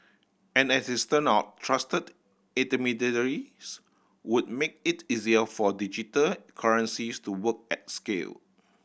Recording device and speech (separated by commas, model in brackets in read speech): boundary microphone (BM630), read sentence